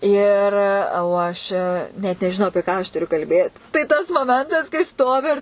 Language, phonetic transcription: Lithuanian, ˈir o ˈaš net nežiˈnau apie ˈką aš tuˈriu kalˈbėt tai tas moˈmentas kai ˈstovi ir

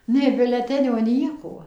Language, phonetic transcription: Lithuanian, nei biuleˈtenio ˈnieko

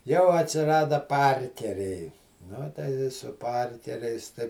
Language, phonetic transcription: Lithuanian, jau atsiˈrada ˈparkeriai ˈnu tai i su ˈparkeriais tai

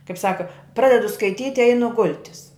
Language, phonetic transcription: Lithuanian, kaip ˈsaka ˈpradedu skaiˈtyt' i ˈeinu ˈgul'tis

